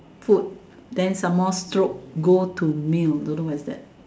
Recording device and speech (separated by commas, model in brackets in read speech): standing microphone, conversation in separate rooms